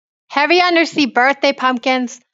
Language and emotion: English, neutral